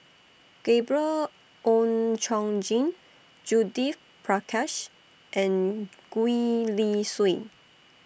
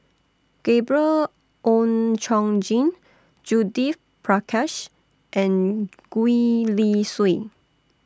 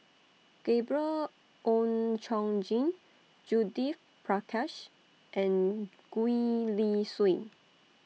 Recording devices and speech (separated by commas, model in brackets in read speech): boundary microphone (BM630), standing microphone (AKG C214), mobile phone (iPhone 6), read sentence